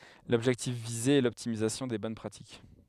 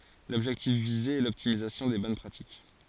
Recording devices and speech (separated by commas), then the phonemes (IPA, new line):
headset microphone, forehead accelerometer, read sentence
lɔbʒɛktif vize ɛ lɔptimizasjɔ̃ de bɔn pʁatik